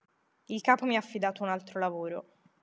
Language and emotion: Italian, neutral